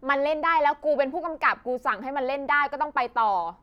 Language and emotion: Thai, frustrated